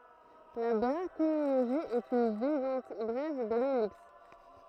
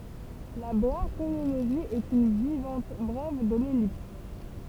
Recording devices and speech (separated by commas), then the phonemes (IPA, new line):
throat microphone, temple vibration pickup, read sentence
la bʁaʃiloʒi ɛt yn vaʁjɑ̃t bʁɛv də lɛlips